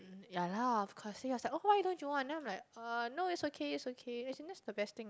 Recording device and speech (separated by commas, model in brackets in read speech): close-talking microphone, conversation in the same room